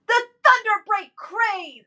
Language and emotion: English, angry